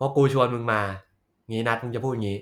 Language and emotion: Thai, frustrated